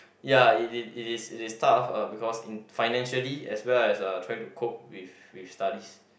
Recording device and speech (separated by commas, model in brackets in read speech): boundary microphone, conversation in the same room